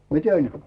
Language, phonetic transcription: Finnish, miten̬ ?
- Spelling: miten

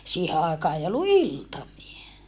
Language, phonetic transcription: Finnish, siihe àekaa ei ollu iltamie .
- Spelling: siihen aikaan ei ollut iltamia

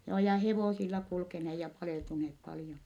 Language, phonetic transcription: Finnish, joo ja hevòsilla kulkenee ja palèltuneep paljon .
- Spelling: joo ja hevosilla kulkeneet ja paleltuneet paljon

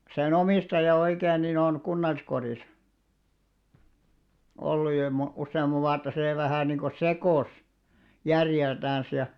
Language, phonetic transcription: Finnish, se'n ‿omìstaja 'oikeen nin ‿on , 'kunnalliskorìsᵃ , olluj jo mo- , 'usse₍am̆mav̆ 'vuatta 'sè vähä̀ niiŋko "sekòs , 'järjeltäns ja ,.
- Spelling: sen omistaja oikein niin on kunnalliskodissa ollut jo - useamman vuotta se vähän niin kuin sekosi järjeltänsä ja

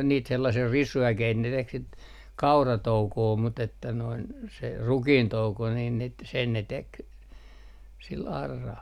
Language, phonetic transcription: Finnish, on niit sellasii "risu₍äkeit ne tek sit , 'kauratoukoo mut ‿että noin , se , "rukiintouko niin nit- , 'sen ne 'tek , 'sil 'arral .
- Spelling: on niitä sellaisia risuäkeitä ne teki sitä kauratoukoa mutta että noin se rukiintouko niin - sen ne teki sillä auralla

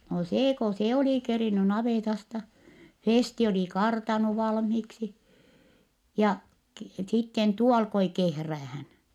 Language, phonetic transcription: Finnish, no see ko se oli keriny navètasta , Fèsti oli kartanu valmhiiksi , ja ki- , sitten , tuo alkoi kehräähän .
- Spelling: no se kun se oli kerinnyt navetasta Festi oli kartannut valmiiksi ja - sitten tuo alkoi kehräämään

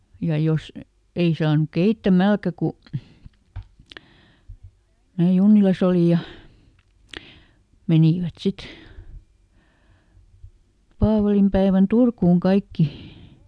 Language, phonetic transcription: Finnish, ja ˈjos , ˈei saanᵘk ˈkeittä"mälkä ku , mää ˈJunnilas ‿oli ja , ˈmenìvät ˈsit , ˈpaavalimpäevän "Turkuuŋ ˈkaikki .
- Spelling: ja jos ei saanut keittämälläkään kun minä Junnilassa olin ja menivät sitten paavalinpäivänä Turkuun kaikki

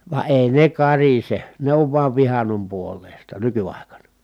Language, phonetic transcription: Finnish, va èi ne karise , ne ov vuav vihannom puol̆lèi̮sta nyky₍ài̮kana .
- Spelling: vaan ei ne karise ne on vain vihannon puoleista nykyaikana

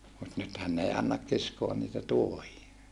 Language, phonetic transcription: Finnish, mut nythän n ‿ei annak kiskoan niitä tuohia .
- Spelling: mutta nythän ne ei anna kiskoa niitä tuohia

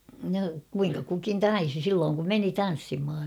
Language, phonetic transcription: Finnish, no , 'kuiŋka kukin "taisi 'sillooŋ kum "meni "tan̬ssimha .
- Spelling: no kuinka kukin taisi silloin kun meni tanssimaan

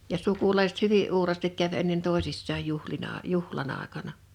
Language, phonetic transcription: Finnish, ja 'sukulaisᵉt "hyvi’ '’uuraastik käv ennen 'tòesissaaj 'juhlina , "juhla'n ‿àekana .
- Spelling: ja sukulaiset hyvin uuraasti kävi ennen toisissaan juhlina juhlan aikana

